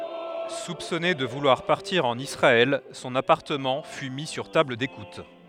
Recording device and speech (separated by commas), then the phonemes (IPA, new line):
headset microphone, read sentence
supsɔne də vulwaʁ paʁtiʁ ɑ̃n isʁaɛl sɔ̃n apaʁtəmɑ̃ fy mi syʁ tabl dekut